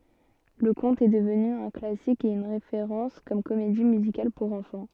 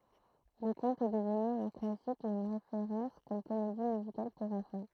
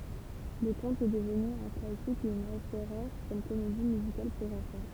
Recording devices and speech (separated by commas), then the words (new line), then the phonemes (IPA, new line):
soft in-ear microphone, throat microphone, temple vibration pickup, read sentence
Le conte est devenu un classique et une référence comme comédie musicale pour enfants.
lə kɔ̃t ɛ dəvny œ̃ klasik e yn ʁefeʁɑ̃s kɔm komedi myzikal puʁ ɑ̃fɑ̃